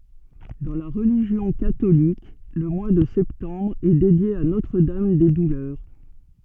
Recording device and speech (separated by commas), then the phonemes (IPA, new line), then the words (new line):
soft in-ear microphone, read sentence
dɑ̃ la ʁəliʒjɔ̃ katolik lə mwa də sɛptɑ̃bʁ ɛ dedje a notʁ dam de dulœʁ
Dans la religion catholique, le mois de septembre est dédié à Notre-Dame des Douleurs.